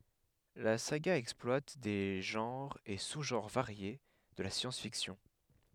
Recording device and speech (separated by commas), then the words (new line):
headset microphone, read sentence
La saga exploite des genres et sous-genres variés de la science-fiction.